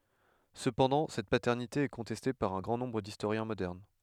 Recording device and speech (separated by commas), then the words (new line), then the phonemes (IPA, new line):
headset microphone, read sentence
Cependant, cette paternité est contestée par un grand nombre d'historiens modernes.
səpɑ̃dɑ̃ sɛt patɛʁnite ɛ kɔ̃tɛste paʁ œ̃ ɡʁɑ̃ nɔ̃bʁ distoʁjɛ̃ modɛʁn